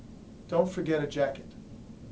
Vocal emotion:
neutral